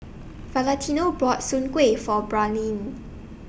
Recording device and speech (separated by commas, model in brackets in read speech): boundary microphone (BM630), read sentence